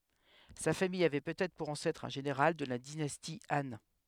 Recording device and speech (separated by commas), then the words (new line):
headset microphone, read sentence
Sa famille avait peut-être pour ancêtre un général de la dynastie Han.